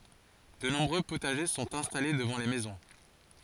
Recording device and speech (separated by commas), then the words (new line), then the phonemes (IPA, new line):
forehead accelerometer, read sentence
De nombreux potagers sont installés devant les maisons.
də nɔ̃bʁø potaʒe sɔ̃t ɛ̃stale dəvɑ̃ le mɛzɔ̃